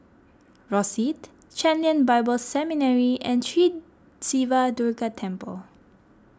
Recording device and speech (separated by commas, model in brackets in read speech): close-talking microphone (WH20), read sentence